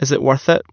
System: none